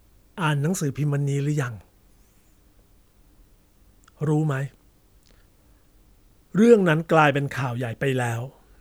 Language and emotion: Thai, neutral